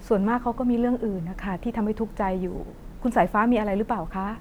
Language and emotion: Thai, sad